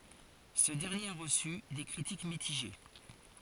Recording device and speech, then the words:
forehead accelerometer, read sentence
Ce dernier a reçu des critiques mitigées.

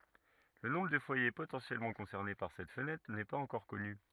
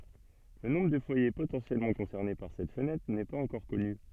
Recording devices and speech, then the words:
rigid in-ear microphone, soft in-ear microphone, read sentence
Le nombre de foyer potentiellement concernés par cette fenêtre n'est pas encore connu.

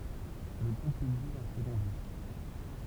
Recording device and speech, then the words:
temple vibration pickup, read sentence
Le groupe publie un second disque.

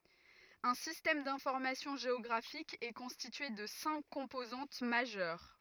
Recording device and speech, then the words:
rigid in-ear microphone, read sentence
Un système d'information géographique est constitué de cinq composantes majeures.

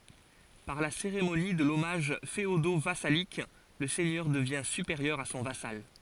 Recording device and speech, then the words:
forehead accelerometer, read sentence
Par la cérémonie de l'hommage féodo-vassalique, le seigneur devient supérieur à son vassal.

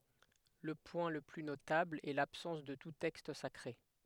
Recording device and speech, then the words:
headset microphone, read sentence
Le point le plus notable est l'absence de tout texte sacré.

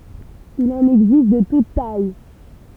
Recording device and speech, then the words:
temple vibration pickup, read sentence
Il en existe de toutes tailles.

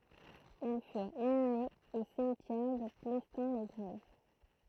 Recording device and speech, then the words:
throat microphone, read sentence
Ils furent inhumés au cimetière de Plestin-les-Grèves.

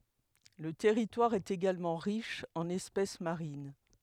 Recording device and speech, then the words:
headset microphone, read sentence
Le territoire est également riche en espèces marines.

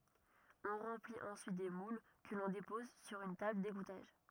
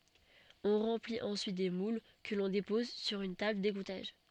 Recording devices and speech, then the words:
rigid in-ear microphone, soft in-ear microphone, read sentence
On remplit ensuite des moules que l'on dépose sur une table d'égouttage.

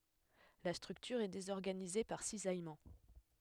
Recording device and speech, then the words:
headset microphone, read sentence
La structure est désorganisée par cisaillement.

